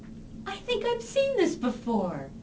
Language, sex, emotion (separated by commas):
English, female, happy